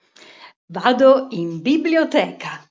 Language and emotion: Italian, happy